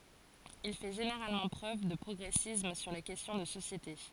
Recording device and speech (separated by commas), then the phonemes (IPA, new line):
forehead accelerometer, read sentence
il fɛ ʒeneʁalmɑ̃ pʁøv də pʁɔɡʁɛsism syʁ le kɛstjɔ̃ də sosjete